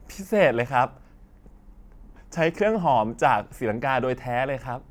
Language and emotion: Thai, happy